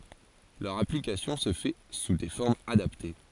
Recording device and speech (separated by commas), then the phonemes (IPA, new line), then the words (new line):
forehead accelerometer, read sentence
lœʁ aplikasjɔ̃ sə fɛ su de fɔʁmz adapte
Leur application se fait sous des formes adaptées.